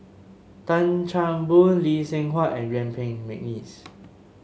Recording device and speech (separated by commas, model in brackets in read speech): mobile phone (Samsung S8), read sentence